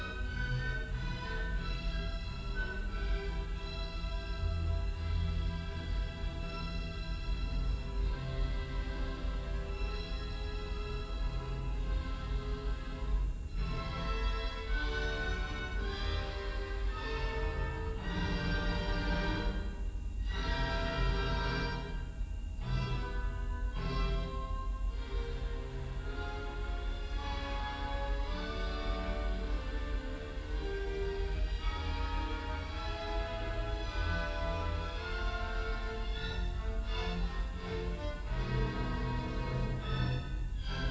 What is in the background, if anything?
Music.